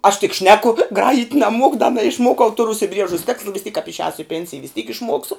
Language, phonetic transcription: Lithuanian, aš tik ˈšneku ˈgrajit' naˈmuoku da naišˈmuokau ˈturu užsiˈbriežus ˈteksla vis tyk kap išˈēsu i ˈpensija vis tyk išˈmuoksu

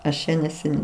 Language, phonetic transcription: Lithuanian, ˈaš čia neseˈniai

